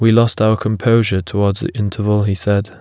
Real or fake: real